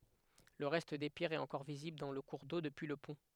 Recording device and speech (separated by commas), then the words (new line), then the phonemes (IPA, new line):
headset microphone, read sentence
Le reste des pierres est encore visible dans le cours d'eau, depuis le pont.
lə ʁɛst de pjɛʁz ɛt ɑ̃kɔʁ vizibl dɑ̃ lə kuʁ do dəpyi lə pɔ̃